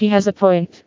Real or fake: fake